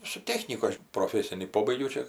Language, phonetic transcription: Lithuanian, su ˈtechnyku ˈaš proˈfesinį ˈpobaigiau ˈčia

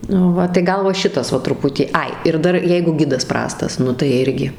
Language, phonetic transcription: Lithuanian, nu ˈva tai ˈgal va ˈšitas ˈva truˈputį ˈai ir ˈdar ˈjeigu ˈgidas ˈprastas ˈnu tai ˈirgi

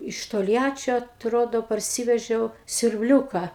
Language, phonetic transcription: Lithuanian, iš tolˈjačio atˈrodo parˈsyvežiau siurbˈliūka

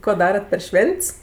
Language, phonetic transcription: Lithuanian, 'ko ˈdarat per ˈšven't's

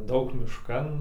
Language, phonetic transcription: Lithuanian, ˈdaug mišˈkan

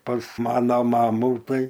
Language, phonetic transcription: Lithuanian, pas ˈmana ˈmamu ˈtai

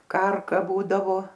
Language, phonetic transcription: Lithuanian, ˈkarka ˈbūdavo

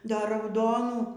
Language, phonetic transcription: Lithuanian, ˈdar rauˈdonų

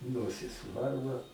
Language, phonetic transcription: Lithuanian, ˈnosis ˈvarva

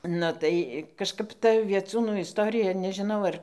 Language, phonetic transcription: Lithuanian, nu tai kažˈkap ˈta vieˈcūnų isˈtorija nežiˈnau ˈar

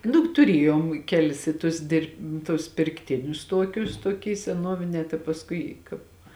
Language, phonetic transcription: Lithuanian, ˈnu tuˈrėjom ˈkelis i tus ˈdirb tus pirkˈtinius ˈtuokius tuoˈky seˈnuovinē tai pasˈkui kāp

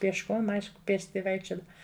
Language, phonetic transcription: Lithuanian, piešˈkom ˈaišku ˈpėsti ˈvaikščiodav

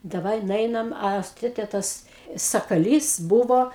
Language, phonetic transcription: Lithuanian, daˈvai nuˈeinam ˈa s ˈtėtė ˈtas sakaˈlys ˈbuvo

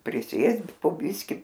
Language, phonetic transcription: Lithuanian, priˈsėst po ˈbiski

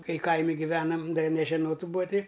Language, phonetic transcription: Lithuanian, ˈkai ˈkaimi giˈvenam ˈda ji nežeˈnot ˈbūa ˈti

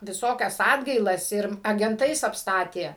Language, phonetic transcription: Lithuanian, viˈsokias ˈatgailas ir agenˈtais apˈstatė

